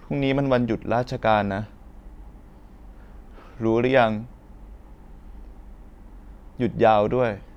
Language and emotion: Thai, sad